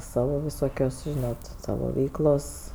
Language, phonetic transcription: Lithuanian, ˈsavo viˈsokios ˈžinot ˈsavo ˈveiklos

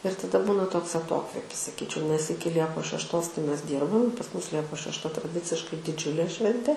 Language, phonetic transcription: Lithuanian, ir taˈda ˈbūna ˈtoks aˈtokvėpis saˈkyčiau nes ˈiki ˈliepos šešˈtos tai ˈmes ˈdyrbam pas ˈmus ˈliepos šešˈta traˈdiciškai diˈdžiulė ˈšventė

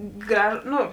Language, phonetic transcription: Lithuanian, ˈgraž ˈnu

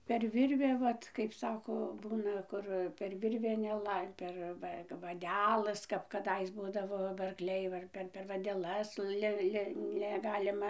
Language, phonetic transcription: Lithuanian, per ˈvirvę ˈvat kaip ˈsako ˈbūna ˈkur per ˈvirvę neˈlai per ˈva kap vaˈdelɘs kap kaˈdais ˈbūdavo ba arkˈliai ˈva ir per per vadeˈlas ˈli ˈli neˈgalima

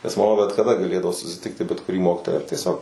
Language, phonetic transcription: Lithuanian, nes maˈma bet kaˈda gaˈlėdavo susiˈtikti bet kuˈrį ˈmokytoją ar tieˈsiog

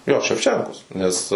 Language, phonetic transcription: Lithuanian, jo ševˈčenkos nes

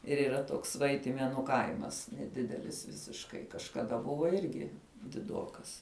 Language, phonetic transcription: Lithuanian, ir yˈra ˈtoks ˈvaitimėnu ˈkaimas neˈdidelis visišˈkai kažkaˈda ˈbuvo ˈirgi diˈdokas

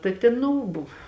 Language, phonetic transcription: Lithuanian, ta ˈtėn ˈnu ˈbuv

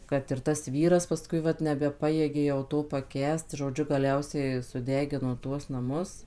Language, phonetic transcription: Lithuanian, kad ir tas ˈvyras paˈskui ˈvat nebeˈpajėgė jau ˈto paˈkęst žoˈdžiu gaˈliausiai suˈdegino ˈtuos naˈmus

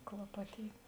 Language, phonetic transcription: Lithuanian, klaˈpatyt'

